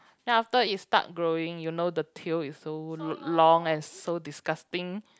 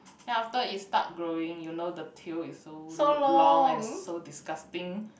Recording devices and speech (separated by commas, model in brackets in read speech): close-talking microphone, boundary microphone, conversation in the same room